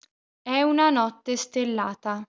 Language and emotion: Italian, neutral